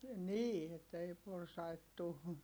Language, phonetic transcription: Finnish, nii , että ei porsait tu .
- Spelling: niin että ei porsaita tule

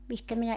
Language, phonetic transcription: Finnish, 'mihkä minä ,.
- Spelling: mihinkä minä

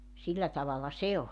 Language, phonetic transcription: Finnish, 'sillä tavala "se oĺ .
- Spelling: sillä tavalla se oli

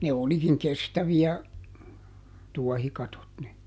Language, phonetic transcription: Finnish, ne ˈolikiŋ "kestävi₍ä , ˈtuɔhikatot (ne) .
- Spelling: ne olikin kestäviä tuohikatot ne

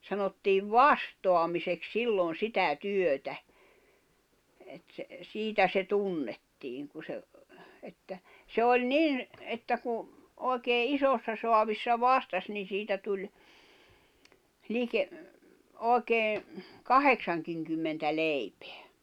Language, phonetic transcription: Finnish, sanottiiv "vastoamisek "sillon̬ "sitä "työtä , et se , 'siitä se "tunnettiiŋ ku se , että , 'se oĺ "nin , että ku , òi̬kee "isossa soavissa "vastas ni 'siitä tuĺ , 'like- , 'òi̬kee , "kaheksaŋkiŋkymmentä 'leipᴇᴀ̈ .
- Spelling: sanottiin vastaamiseksi silloin sitä työtä että se siitä se tunnettiin kun se että se oli niin että kun oikein isossa saavissa vastasi niin siitä tuli - oikein kahdeksankinkymmentä leipää

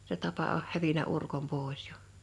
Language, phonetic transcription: Finnish, se 'tapa oh 'hävinä 'urkom 'pòe̬s ᴊᴏ .
- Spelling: se tapa on hävinnyt urkon pois jo

